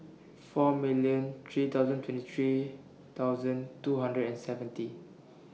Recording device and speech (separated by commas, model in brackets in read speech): mobile phone (iPhone 6), read sentence